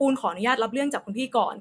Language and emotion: Thai, frustrated